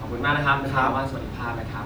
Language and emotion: Thai, happy